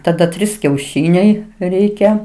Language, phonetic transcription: Lithuanian, taˈda ˈtrys kiauˈšyniai ˈreikia

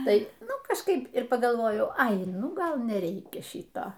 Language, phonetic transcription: Lithuanian, ˈtai ˈnu kažˈkaip ir pagalˈvojau ˈai nuˈgal neˈreikia ˈšyto

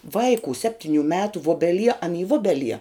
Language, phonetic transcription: Lithuanian, ˈvaikū ˈseptiniu ˈmetu ˈvubeˌlie an y ˈvubeˌlie

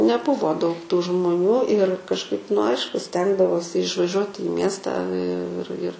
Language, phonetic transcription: Lithuanian, neˈbuvo daug tų žmuˈnių ir kažˈkaip nu ˈaišku ˈstengdavosi išvaˈžiuot i ˈmiestą i ir ir

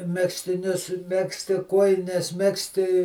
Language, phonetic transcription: Lithuanian, ˈmegztinius ˈmegzti ˈkuojines ˈmegzti

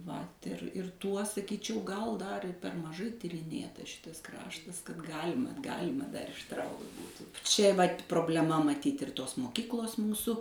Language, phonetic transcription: Lithuanian, vat ir ir ˈtuo saˈkyčiau gal ˈdar ir per maˈžai tiriˈnėtas ˈšitas ˈkraštas kad ˈgalima ˈgalima dar išˈtraukt ˈbūtų ˈčia vat' probleˈma maˈtyt' ir ˈtos moˈkiklos ˈmūsu

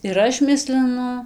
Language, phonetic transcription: Lithuanian, ir ˈaš ˈmislinu

